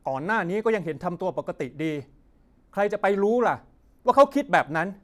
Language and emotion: Thai, frustrated